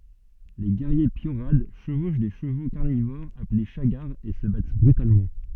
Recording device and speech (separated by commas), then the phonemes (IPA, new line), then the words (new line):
soft in-ear microphone, read sentence
le ɡɛʁje pjoʁad ʃəvoʃ de ʃəvo kaʁnivoʁz aple ʃaɡaʁz e sə bat bʁytalmɑ̃
Les guerriers piorads chevauchent des chevaux carnivores appelés chagars et se battent brutalement.